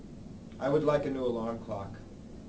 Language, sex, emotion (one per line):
English
male
neutral